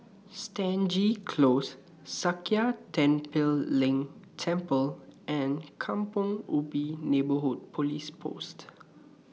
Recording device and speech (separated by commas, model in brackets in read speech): mobile phone (iPhone 6), read sentence